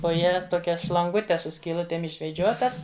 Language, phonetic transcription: Lithuanian, po ˈjas toˈkias šlanˈgutes su skyˈlutėm išveˈdžiotas

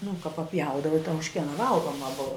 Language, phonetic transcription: Lithuanian, nu ka paˈpjaudava i ta užˈkiena ˈvalgoma ˈbuva

